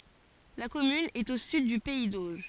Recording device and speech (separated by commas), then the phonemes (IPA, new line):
forehead accelerometer, read sentence
la kɔmyn ɛt o syd dy pɛi doʒ